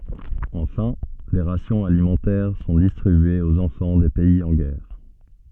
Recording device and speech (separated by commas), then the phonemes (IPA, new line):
soft in-ear microphone, read sentence
ɑ̃fɛ̃ de ʁasjɔ̃z alimɑ̃tɛʁ sɔ̃ distʁibyez oz ɑ̃fɑ̃ de pɛiz ɑ̃ ɡɛʁ